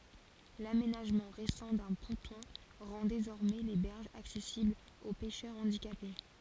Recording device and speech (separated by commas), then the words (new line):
forehead accelerometer, read sentence
L'aménagement récent d'un ponton rend désormais les berges accessibles aux pêcheurs handicapés.